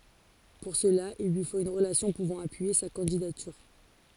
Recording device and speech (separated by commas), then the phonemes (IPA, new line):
forehead accelerometer, read sentence
puʁ səla il lyi fot yn ʁəlasjɔ̃ puvɑ̃ apyije sa kɑ̃didatyʁ